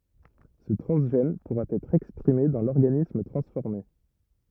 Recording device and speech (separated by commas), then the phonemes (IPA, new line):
rigid in-ear microphone, read sentence
sə tʁɑ̃zʒɛn puʁa ɛtʁ ɛkspʁime dɑ̃ lɔʁɡanism tʁɑ̃sfɔʁme